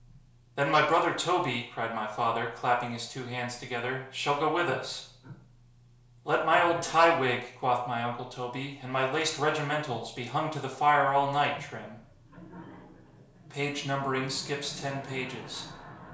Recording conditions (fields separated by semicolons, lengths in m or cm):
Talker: one person; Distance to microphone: 1.0 m; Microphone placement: close; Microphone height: 1.1 m; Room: small (3.7 m by 2.7 m); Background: television